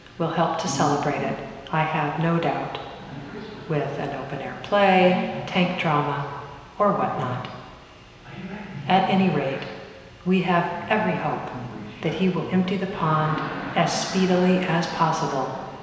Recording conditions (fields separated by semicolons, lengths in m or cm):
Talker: one person; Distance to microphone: 1.7 m; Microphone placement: close; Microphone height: 1.0 m; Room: very reverberant, large; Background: television